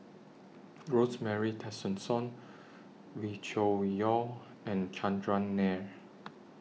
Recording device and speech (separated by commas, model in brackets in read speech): mobile phone (iPhone 6), read sentence